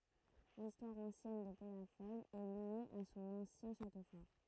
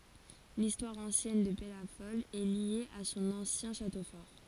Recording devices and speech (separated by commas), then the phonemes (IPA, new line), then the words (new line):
throat microphone, forehead accelerometer, read sentence
listwaʁ ɑ̃sjɛn də pɛlafɔl ɛ lje a sɔ̃n ɑ̃sjɛ̃ ʃato fɔʁ
L'histoire ancienne de Pellafol est liée à son ancien château fort.